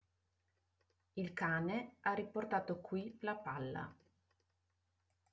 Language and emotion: Italian, neutral